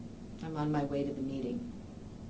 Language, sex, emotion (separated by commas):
English, female, neutral